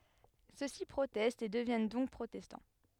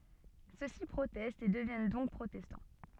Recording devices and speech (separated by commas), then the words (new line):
headset microphone, soft in-ear microphone, read sentence
Ceux-ci protestent et deviennent donc protestants.